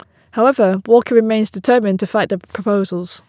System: none